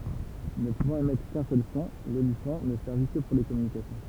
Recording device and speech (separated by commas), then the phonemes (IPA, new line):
temple vibration pickup, read sentence
nə puvɑ̃t emɛtʁ kœ̃ sœl sɔ̃ lolifɑ̃ nə sɛʁvi kə puʁ le kɔmynikasjɔ̃